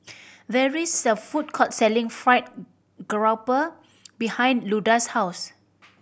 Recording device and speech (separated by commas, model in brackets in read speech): boundary microphone (BM630), read sentence